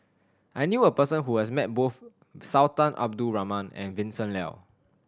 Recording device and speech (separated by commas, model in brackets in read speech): standing microphone (AKG C214), read sentence